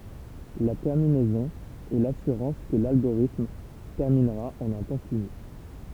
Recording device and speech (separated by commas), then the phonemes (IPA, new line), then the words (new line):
temple vibration pickup, read sentence
la tɛʁminɛzɔ̃ ɛ lasyʁɑ̃s kə lalɡoʁitm tɛʁminʁa ɑ̃n œ̃ tɑ̃ fini
La terminaison est l'assurance que l'algorithme terminera en un temps fini.